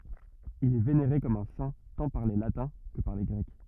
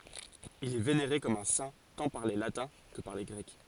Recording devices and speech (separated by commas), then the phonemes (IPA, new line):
rigid in-ear microphone, forehead accelerometer, read sentence
il ɛ veneʁe kɔm œ̃ sɛ̃ tɑ̃ paʁ le latɛ̃ kə paʁ le ɡʁɛk